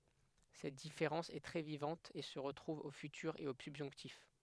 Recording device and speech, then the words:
headset microphone, read sentence
Cette différence est très vivante et se retrouve au futur et au subjonctif.

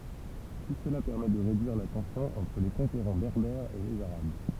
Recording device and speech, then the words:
temple vibration pickup, read sentence
Tout cela permet de réduire la tension entre les conquérants berbères et les arabes.

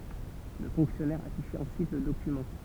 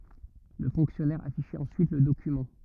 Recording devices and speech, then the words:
temple vibration pickup, rigid in-ear microphone, read sentence
Le fonctionnaire affichait ensuite le document.

